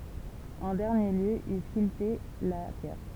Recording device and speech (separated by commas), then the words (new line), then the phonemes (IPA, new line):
temple vibration pickup, read sentence
En dernier lieu, il sculptait la pierre.
ɑ̃ dɛʁnje ljø il skyltɛ la pjɛʁ